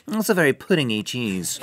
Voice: snooty voice